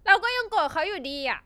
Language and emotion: Thai, angry